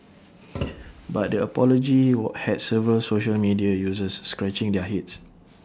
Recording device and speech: standing microphone (AKG C214), read sentence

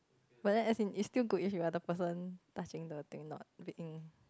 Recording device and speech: close-talking microphone, conversation in the same room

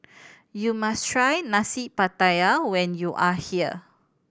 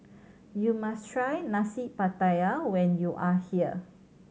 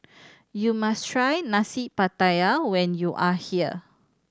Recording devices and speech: boundary microphone (BM630), mobile phone (Samsung C7100), standing microphone (AKG C214), read sentence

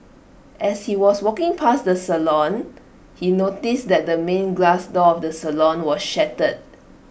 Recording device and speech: boundary microphone (BM630), read sentence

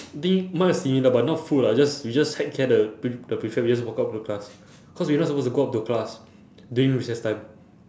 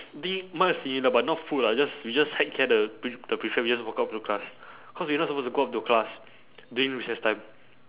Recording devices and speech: standing microphone, telephone, conversation in separate rooms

